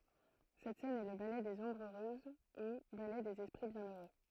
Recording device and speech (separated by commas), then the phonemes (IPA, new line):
throat microphone, read sentence
sɛt sɛn ɛ lə balɛ dez ɔ̃bʁz øʁøz u balɛ dez ɛspʁi bjɛ̃øʁø